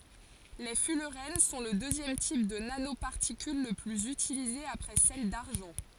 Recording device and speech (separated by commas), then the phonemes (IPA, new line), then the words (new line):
forehead accelerometer, read sentence
le fylʁɛn sɔ̃ lə døzjɛm tip də nanopaʁtikyl lə plyz ytilize apʁɛ sɛl daʁʒɑ̃
Les fullerènes sont le deuxième type de nanoparticules le plus utilisé après celles d’argent.